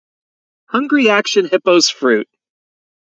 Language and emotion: English, happy